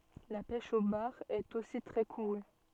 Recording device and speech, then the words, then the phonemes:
soft in-ear microphone, read sentence
La pêche au bar est aussi très courue.
la pɛʃ o baʁ ɛt osi tʁɛ kuʁy

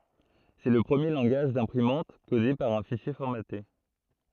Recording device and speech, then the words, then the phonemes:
throat microphone, read sentence
C'est le premier langage d'imprimante codé par un fichier formaté.
sɛ lə pʁəmje lɑ̃ɡaʒ dɛ̃pʁimɑ̃t kode paʁ œ̃ fiʃje fɔʁmate

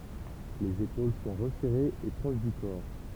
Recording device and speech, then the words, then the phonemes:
temple vibration pickup, read sentence
Les épaules sont resserrées et proches du corps.
lez epol sɔ̃ ʁəsɛʁez e pʁoʃ dy kɔʁ

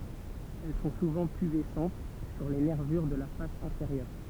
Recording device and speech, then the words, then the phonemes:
temple vibration pickup, read sentence
Elles sont souvent pubescentes sur les nervures de la face inférieure.
ɛl sɔ̃ suvɑ̃ pybɛsɑ̃t syʁ le nɛʁvyʁ də la fas ɛ̃feʁjœʁ

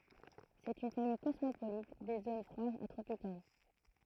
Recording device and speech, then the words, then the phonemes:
throat microphone, read sentence
C'est une famille cosmopolite des zones froides à tropicales.
sɛt yn famij kɔsmopolit de zon fʁwadz a tʁopikal

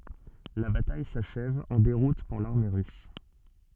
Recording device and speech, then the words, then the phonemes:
soft in-ear microphone, read sentence
La bataille s'achève en déroute pour l'armée russe.
la bataj saʃɛv ɑ̃ deʁut puʁ laʁme ʁys

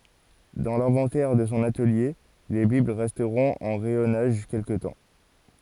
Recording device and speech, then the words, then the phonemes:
forehead accelerometer, read sentence
Dans l’inventaire de son atelier, les bibles resteront en rayonnage quelque temps.
dɑ̃ lɛ̃vɑ̃tɛʁ də sɔ̃ atəlje le bibl ʁɛstʁɔ̃t ɑ̃ ʁɛjɔnaʒ kɛlkə tɑ̃

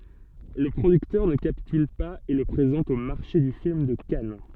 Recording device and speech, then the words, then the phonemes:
soft in-ear microphone, read sentence
Le producteur ne capitule pas et le présente au Marché du film de Cannes.
lə pʁodyktœʁ nə kapityl paz e lə pʁezɑ̃t o maʁʃe dy film də kan

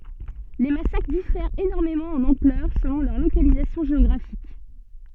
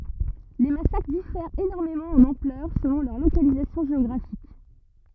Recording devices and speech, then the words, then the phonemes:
soft in-ear microphone, rigid in-ear microphone, read sentence
Les massacres diffèrent énormément en ampleur selon leur localisation géographique.
le masakʁ difɛʁt enɔʁmemɑ̃ ɑ̃n ɑ̃plœʁ səlɔ̃ lœʁ lokalizasjɔ̃ ʒeɔɡʁafik

